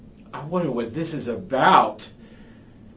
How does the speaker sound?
fearful